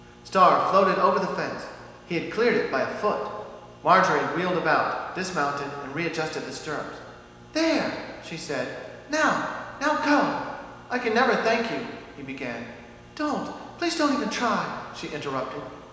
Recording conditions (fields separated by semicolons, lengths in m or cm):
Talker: one person; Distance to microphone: 1.7 m; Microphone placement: close; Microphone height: 1.0 m; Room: very reverberant, large; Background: none